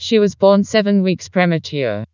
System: TTS, vocoder